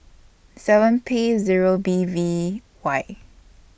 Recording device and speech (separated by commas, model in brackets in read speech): boundary microphone (BM630), read sentence